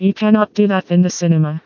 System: TTS, vocoder